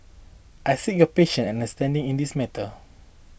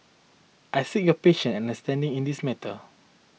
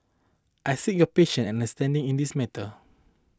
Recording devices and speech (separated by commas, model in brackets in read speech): boundary microphone (BM630), mobile phone (iPhone 6), close-talking microphone (WH20), read sentence